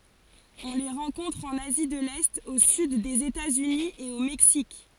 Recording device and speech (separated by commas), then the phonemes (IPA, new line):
forehead accelerometer, read sentence
ɔ̃ le ʁɑ̃kɔ̃tʁ ɑ̃n azi də lɛt o syd dez etatsyni e o mɛksik